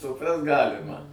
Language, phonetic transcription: Lithuanian, suˈprast ˈgalima

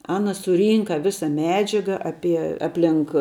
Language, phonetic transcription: Lithuanian, ˈana suˈrynka ˈvisa ˈmedžiaga ˈapie ˈaplink

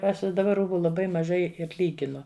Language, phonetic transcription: Lithuanian, ˈaš i daˈba ˈrūbu laˈbai maˈžai ir ˈlyginu

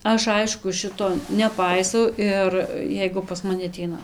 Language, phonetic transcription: Lithuanian, ˈaš ˈaišku ˈšito neˈpaisau ˈir ˈjeigu pas maˈni aˈteina

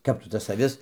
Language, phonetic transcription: Lithuanian, ˈkap tu tas aˈvis

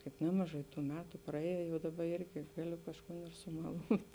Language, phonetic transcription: Lithuanian, kaip ˈnemaˌžai ˈtų ˈmetu praˈėjo jau ˈdaba ˈirgi ˈgaˌliu kažˈkūn ir sumaˈlūt'

